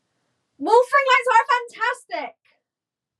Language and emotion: English, disgusted